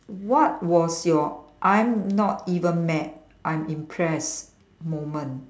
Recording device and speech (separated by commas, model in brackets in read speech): standing microphone, conversation in separate rooms